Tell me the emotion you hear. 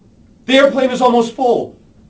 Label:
fearful